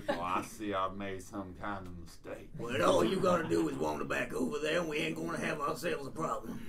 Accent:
Southern American accent